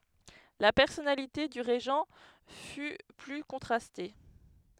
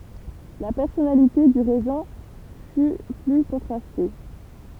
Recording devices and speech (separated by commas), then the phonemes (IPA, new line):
headset microphone, temple vibration pickup, read sentence
la pɛʁsɔnalite dy ʁeʒɑ̃ fy ply kɔ̃tʁaste